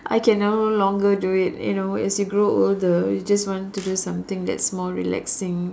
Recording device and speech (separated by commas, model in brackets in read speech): standing microphone, conversation in separate rooms